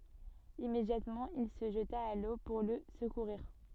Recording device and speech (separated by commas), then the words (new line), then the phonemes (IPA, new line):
soft in-ear microphone, read sentence
Immédiatement, il se jeta à l’eau pour le secourir.
immedjatmɑ̃ il sə ʒəta a lo puʁ lə səkuʁiʁ